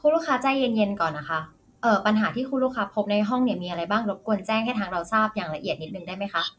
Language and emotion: Thai, neutral